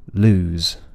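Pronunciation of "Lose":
In 'lose', the final z is only partially voiced.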